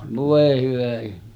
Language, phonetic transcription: Finnish, 'vòe hyvä ihme .
- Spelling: voi hyvä ihme

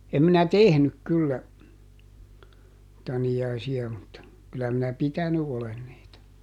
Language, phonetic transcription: Finnish, ˈem minä "tehnyk ˈkyllä , ˈtani₍aisi₍a mutta , kyllä minä "pitäny olen niitä .
- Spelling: en minä tehnyt kyllä taniaisia mutta kyllä minä pitänyt olen niitä

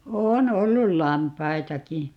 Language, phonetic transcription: Finnish, 'o'n ‿ollul "lampaitaki .
- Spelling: on ollut lampaitakin

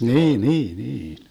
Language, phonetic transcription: Finnish, "nii 'nii 'niin !
- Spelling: niin niin niin

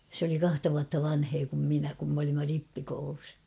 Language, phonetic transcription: Finnish, sᵉ ‿oli 'kahta vuatta 'vanhee kum 'minä kum m ‿olimma 'rippikoulus .
- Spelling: se oli kahta vuotta vanhempi kuin minä kun me olimme rippikoulussa

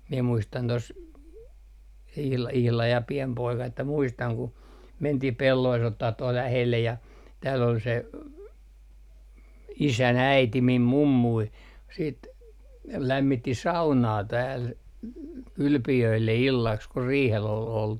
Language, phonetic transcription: Finnish, miɛ 'muistan tos , ihla - ihlaj ja "piem 'poika että 'muistaŋ ku , 'mentih "pelloist ottah tuol 'lähelle ja , tääl ‿ol se , 'isä"n ‿äiti mim "mummui , siit , 'lämmitti "saunaa tääl , "kylpijöille 'illaks kur 'riihel ‿ol oltu .
- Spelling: minä muistan tuossa - ihan ja pieni poika että muistan kun mentiin pelloista ottamaan tuohon lähelle ja täällä oli se isän äiti minun mummuni sitten lämmitti saunaa täällä kylpijöille illaksi kun riihellä oli oltu

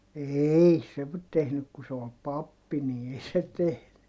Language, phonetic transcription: Finnish, eei se ‿v- tehnyk ku se ol pappi ni ei se tehny .
- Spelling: ei se - tehnyt kun se oli pappi niin ei se tehnyt

